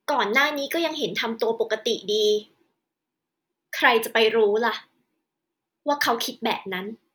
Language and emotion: Thai, frustrated